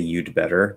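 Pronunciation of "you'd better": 'You'd better' is said in a way that sounds a little too enunciated.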